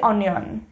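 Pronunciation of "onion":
'Onion' is pronounced incorrectly here.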